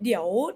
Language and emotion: Thai, neutral